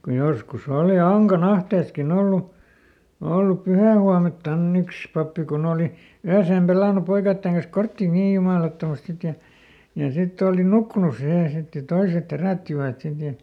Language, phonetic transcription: Finnish, kuj ˈjoskuˈs ‿òli ˈAŋka"n ‿ahteeskiˈn ‿ollu , ˈollup ˈpyhä̀huamelttanˈn ‿yks pappi kuˈn ‿ooli , ˈyäseem ˈpelànu ˈpoikaitteŋ kans "korttì "nii jumàlattomast ˈsit ja , ja ˈsitt ‿ooli "nukkunus ˈsihè ˈsit ja ˈtoiset "herä̀ttivät ˈsit ja ,.
- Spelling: kun joskus oli Ankan ahteessakin ollut ollut pyhähuomeltaan yksi pappi kun oli yön pelannut poikien kanssa korttia niin jumalattomasti sitten ja ja sitten oli nukkunut siihen sitten ja toiset herättivät sitten ja

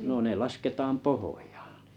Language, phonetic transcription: Finnish, no ne 'lasketaam "pohᴏᴊᴀᴀ .
- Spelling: no ne lasketaan pohjaan

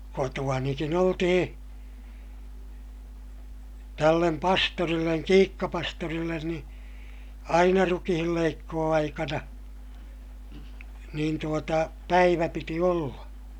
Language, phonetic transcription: Finnish, kotu₍anikin ‿oltihiḭ , tällem pastorilleŋ Kiikka-pastorillen ni , aina rukihilleikkoo₍aikana , niin tuota , päivä piti olla .
- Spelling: kotoanikin oltiin tälle pastorille Kiikka-pastorille niin aina rukiinleikkuuaikana niin tuota päivä piti olla

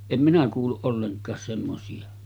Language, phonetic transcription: Finnish, 'em minä kuulluˀ 'ˀolleŋk̀aas semmosi₍a .
- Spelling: en minä kuullut ollenkaan semmoisia

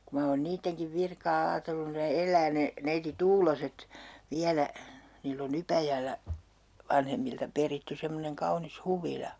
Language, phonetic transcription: Finnish, ku ma oon 'niitteŋkiv 'virkaa 'aatellun ne "el̆lää ne , neiti "Tuuloset , 'viälä , 'niill ‿oŋ 'Ypäjällä , 'vanhemmilta 'peritty semmoneŋ 'kaunis "huvila .
- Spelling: kun minä olen niidenkin virkaa ajatellut ne elää ne neiti Tuuloset vielä niillä on Ypäjällä vanhemmilta peritty semmoinen kaunis huvila

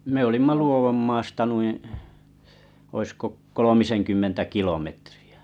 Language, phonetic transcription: Finnish, me 'olimma "Luovommaasta nuìḭ , oisko 'kolomisenkymmentä 'kilometrɪ₍ᴀ̈ .
- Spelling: me olimme Luodonmaasta noin olisiko kolmisenkymmentä kilometriä

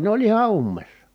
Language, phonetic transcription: Finnish, ne ‿oĺ iha ummessa .
- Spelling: ne oli ihan ummessa

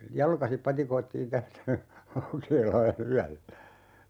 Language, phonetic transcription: Finnish, "jalkasip 'patikoittiin 'tästä , "Laukeelaa'n ‿yällä .
- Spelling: jalkaisin patikoitiin tästä Laukeelaan yöllä

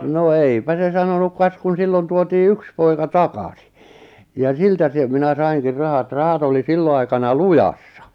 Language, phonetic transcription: Finnish, no 'eipä se 'sanonuk kas kun 'sillon tuotii "yks poika "takasi , ja 'siltä se , minä 'saiŋkir 'rahat 'rahat oli "sillo aikana "lujassa ,.
- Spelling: no eipä se sanonut kas kun silloin tuotiin yksi poika takasin ja siltä se minä sainkin rahat rahat oli silloin aikana lujassa

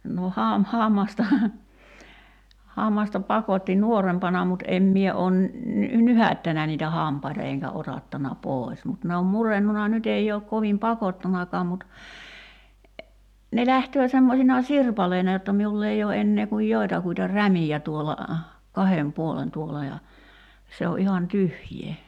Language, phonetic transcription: Finnish, no 'ham- , 'hàmmastaha , 'hammasta 'pakotti "nuorempana mut '’em mie 'oon , ny- "nyhäö̆ttänä niitä "hàmpaita eŋkä 'otattana "pòi̬s mut ne om 'murennuna 'nyt ‿ei ook 'kovim "pakottanakaam mut , ne 'lähtöö semmosina "sirpaleina jotta 'miull ‿ei oo 'ennee kuj 'joi̬takuita "rämijä tuola , "kahem "puolen 'tuol̆la ja , 'se o ’ihan "tyhj̀ee .
- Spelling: no - hammastahan hammasta pakotti nuorempana mutta en minä ole - nyhäyttänyt niitä hampaita enkä otattanut pois mutta ne on murentunut nyt ei ole kovin pakottanutkaan mutta ne lähtee semmoisina sirpaleina jotta minulla ei ole enää kuin joitakuita rämiä tuolla kahden puolen tuolla ja se on ihan tyhjää

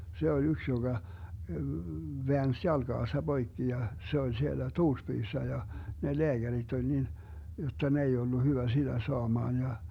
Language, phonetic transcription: Finnish, 'se ol 'yks joGa , 'veäns "jalGaasa 'Boikki ja , 'se ol siellä 'Tuurspyyssä ja , ne 'leäGärit oĺ nin , jotta 'ne ei ollu 'hyvä 'siDä 'soamaan ja .
- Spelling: se oli yksi joka väänsi jalkansa poikki ja se oli siellä Tuurspyyssä ja ne lääkärit oli niin jotta ne ei ollut hyvä sitä saamaan ja

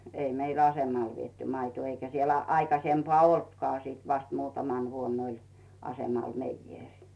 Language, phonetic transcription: Finnish, 'ei meil "asemal vietty 'maitᵘò eikä sielᴀ̈ 'aikasempaa "oltkᵒà sìt vast 'muutaman 'vuonn ‿oĺ , 'asemal "meijjèŕ .
- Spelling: ei meillä asemalle viety maitoa eikä siellä aikaisempaa ollutkaan sitten vasta muutamana vuonna oli asemalla meijeri

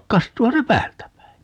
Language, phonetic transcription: Finnish, 'kastuuha se "päältä 'päi .
- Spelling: kastuuhan se päältä päin

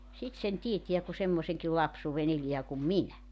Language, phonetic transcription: Finnish, 'sit sen 'tietiä ku 'semmoseŋkil 'lapsuuven ‿eliä kum "minä .
- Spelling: sitten sen tietää kun semmoisenkin lapsuuden elää kuin minä

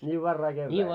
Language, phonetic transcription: Finnish, ńii 'varrai kevvääl .
- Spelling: niin varhain keväällä

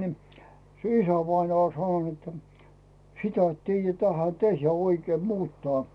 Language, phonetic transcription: Finnish, ni , se ‿"isävainaa oĺ sanon ‿ettᴀ̈ , » 'sitä et "tiijä tähä 'tehjä oikeem 'muuttaa « .
- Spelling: niin se isävainaa oli sanonut että sitä et tiedä tähän tehdä oikein muuttaa

